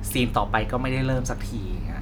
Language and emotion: Thai, frustrated